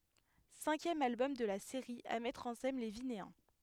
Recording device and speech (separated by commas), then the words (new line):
headset microphone, read sentence
Cinquième album de la série à mettre en scène les Vinéens.